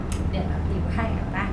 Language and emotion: Thai, happy